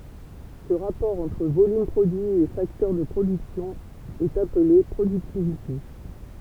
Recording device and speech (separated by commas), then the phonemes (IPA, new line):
temple vibration pickup, read sentence
sə ʁapɔʁ ɑ̃tʁ volym pʁodyi e faktœʁ də pʁodyksjɔ̃ ɛt aple pʁodyktivite